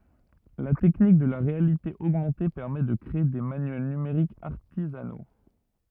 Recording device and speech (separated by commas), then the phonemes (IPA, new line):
rigid in-ear microphone, read sentence
la tɛknik də la ʁealite oɡmɑ̃te pɛʁmɛ də kʁee de manyɛl nymeʁikz aʁtizano